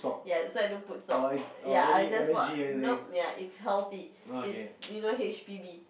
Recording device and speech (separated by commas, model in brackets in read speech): boundary microphone, conversation in the same room